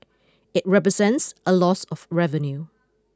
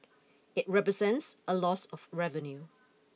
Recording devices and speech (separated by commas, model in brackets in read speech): close-talking microphone (WH20), mobile phone (iPhone 6), read sentence